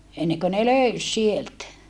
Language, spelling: Finnish, ennen kuin ne löysi sieltä
- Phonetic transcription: enneŋkö ne löys sieltä .

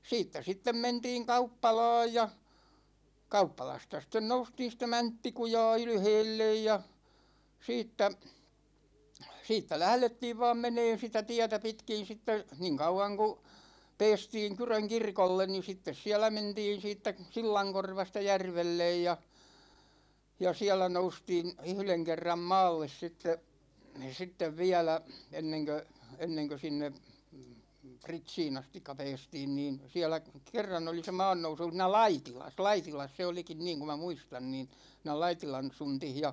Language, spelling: Finnish, siitä sitten mentiin kauppalaan ja kauppalasta sitten noustiin sitä Mänttikujaa ylhäälle ja siitä siitä lähdettiin vain menemään sitä tietä pitkin sitten niin kauan kun päästiin Kyrön kirkolle niin sitten siellä mentiin siitä sillankorvasta järvelle ja ja siellä noustiin yhden kerran maalle sitten sitten vielä ennen kuin ennen kuin sinne Pritsiin asti päästiin niin siellä kerran oli se maannousu siinä Laitilassa Laitilassa se olikin niin kun minä muistan niin siinä Laitilan suntissa ja
- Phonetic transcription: siittä 'sittem 'mentiiŋ "kauppala̭a̭j ja , 'kauppalasta sten 'noustiin̬ sʿⁱʾtä "Mäntti-kuja̭a̭ 'ylheellej ja , 'siittä , 'siittä "lählettiiv vaam 'meneen̬ sitä "tiätä 'pitkin̬ sitte , niiŋ 'kauwaŋ ku , 'peestiiŋ 'Kyröŋ "kirkollen ni 'sittes 'siälä 'mentiin̬ 'siittä , "sillaŋkorvasta 'järvellej ja , ja 'siälä 'noustiin̬ , "yhleŋ 'kerram "maalles sitte , 'sittev 'viälä , 'enneŋkö , 'enneŋkö sinne , "Pritsiin ‿astikka 'pɛɛstiin niin , 'siälä , 'kerran ‿oli se "maannousu (siinä) "Laitilas , "Laitilas se 'olikin niiŋ ku ma 'muistan niin , (sii)nä "Laitilan̬ 'suntih ja ,.

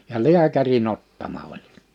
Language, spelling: Finnish, ja lääkärin ottama oli
- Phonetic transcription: ja "liäkäri'n ‿ottama oĺ .

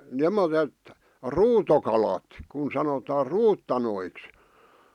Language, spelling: Finnish, semmoiset ruutokalat kun sanotaan ruutanoiksi
- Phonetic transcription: (sem)moset , "ruutokalat , kun sanotaa "ruuttanoiks .

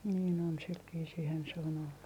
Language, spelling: Finnish, niin on sillä viisiinhän se on ollut
- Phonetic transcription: niin ‿on , sil viisiihän se on ‿ollu .

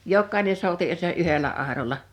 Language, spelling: Finnish, jokainen souti - se yhdellä airolla
- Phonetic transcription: jokkàine 'souti , ᵊ se '’yhelä àeroĺa .

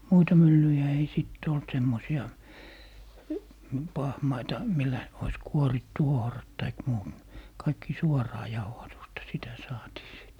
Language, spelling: Finnish, muita myllyjä ei sitten ollut semmoisia pahmaita millä olisi kuorittu ohrat tai muut kaikki suoraa jauhatusta sitä saatiin sitten
- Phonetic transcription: "muita 'myllyjä ei 'sìt't ‿olt 'semmosi₍a , "pahmaita , 'millä , ois "kuorittu 'ohrat taik muut , 'kaikki "suɔraa 'jauhatusta , 'sitä saatii 'sìt .

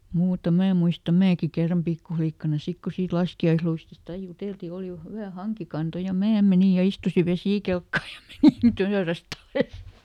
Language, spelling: Finnish, muuta minä en muista minäkin kerran pikkulikkana sitten kun siitä laskiaisluistista aina juteltiin oli hyvä hankikanto ja minä menin ja istuin vesikelkkaan ja menin töyrästä alas
- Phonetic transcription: muuta ˈmää ᵉᵐ muista "määki ˈkerram ˈpikkuflikkana ˈsik ku siit "laski₍aisluistist ‿ai ˈjutèlti ˈòli ˈhywä "haŋkikanto ja "mää meni ja ˈistusi "vesìkelkkaa ja ˈmenin ˈtööräsˈt ‿ales .

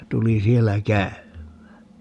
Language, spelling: Finnish, ja tuli siellä käymään
- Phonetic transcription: ja 'tuli 'siellä "käym̆mää .

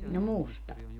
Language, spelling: Finnish, no musta
- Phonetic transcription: no "musta .

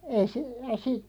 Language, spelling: Finnish, ei se ei -
- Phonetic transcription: ei sᵉ , ei si- ,.

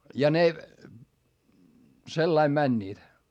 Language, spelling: Finnish, ja ne sillä lailla menivät
- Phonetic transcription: ja ne , sellaim mäńńiit .

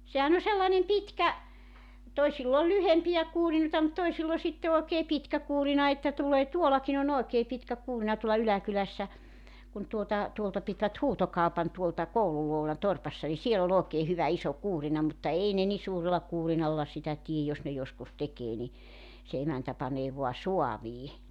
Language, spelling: Finnish, sehän on sellainen pitkä toisilla on lyhyempiä kuurinoita mutta toisilla on sitten oikein pitkä kuurina että tulee tuollakin on oikein pitkä kuurina tuolla yläkylässä kun tuota tuolta pitivät huutokaupan tuolta koulun luona olevassa torpassa niin siellä oli oikein hyvä iso kuurina mutta ei ne niin suurella kuurinalla sitä tee jos ne joskus tekee niin se emäntä panee vain saaviin
- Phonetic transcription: 'sehän ‿o sellanem 'pitkä , 'toisill ‿o "lyhempijä 'kuurinoᵉta mut 'toisill ‿o sitte oekee "pitkä 'kuurina että 'tulee 'tuolakin ‿o'n ‿oekee pitkä 'kuurⁱna tuolla 'yläkylässä , kun tuota , 'tuolta pitvät "huutokaopan tuolta 'koulul (luona olevassa) 'torpassa ni 'siel ‿o'l ‿ookee hyvä 'iso 'kuurina mutta 'ei ne ni 'suurela 'kuurinalla sitä 'tiej jos ne 'joskus 'tekee ni , se 'emäntä panee 'voa "soavii .

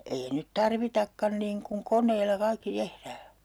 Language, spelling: Finnish, ei nyt tarvitakaan niin kun koneilla kaikki tehdään
- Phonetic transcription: ei 'nyt "tarvitakkan niiŋ kuŋ 'koǹeilla 'kaikki 'tehrää .

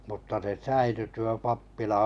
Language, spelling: Finnish, mutta se säilyi tuo pappila
- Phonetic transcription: mutta se 'säily tuo 'pappila .

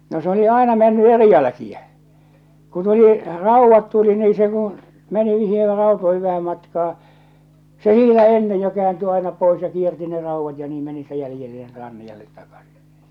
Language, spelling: Finnish, no se oli aina mennyt eri jälkiä kun tuli raudat tuli niin se kun meni niihin rautoihin vähän matkaa se niitä ennen jo kääntyi aina pois ja kiersi ne raudat ja niin meni siitä jäljelle ja ranniolle takaisin
- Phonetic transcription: no s ‿oli "àena menny "eri 'jälᵃ̈kiä , ku tuli , "ràuvvat tuli nii se kuṵ , meni niiher 'rautoihiv vähäm matkaa , 'se 'niitä ennej jo 'keäänty aina pois ja 'kierti ne 'rauvvat ja 'nii meni (siitä) 'jälⁱjelle ja 'ranni₍allet takasɪ .

